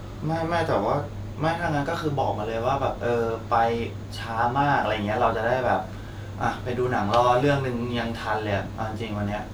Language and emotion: Thai, frustrated